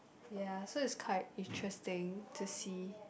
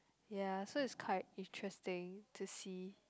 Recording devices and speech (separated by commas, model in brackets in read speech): boundary microphone, close-talking microphone, conversation in the same room